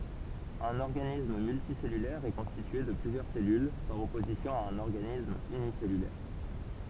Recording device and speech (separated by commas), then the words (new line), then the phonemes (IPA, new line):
temple vibration pickup, read sentence
Un organisme multicellulaire est constitué de plusieurs cellules, par opposition à un organisme unicellulaire.
œ̃n ɔʁɡanism myltisɛlylɛʁ ɛ kɔ̃stitye də plyzjœʁ sɛlyl paʁ ɔpozisjɔ̃ a œ̃n ɔʁɡanism ynisɛlylɛʁ